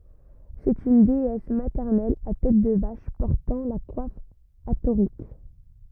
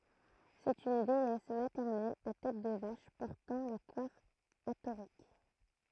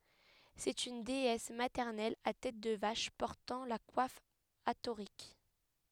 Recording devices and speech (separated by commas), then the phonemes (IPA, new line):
rigid in-ear microphone, throat microphone, headset microphone, read sentence
sɛt yn deɛs matɛʁnɛl a tɛt də vaʃ pɔʁtɑ̃ la kwaf atoʁik